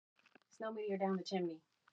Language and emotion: English, surprised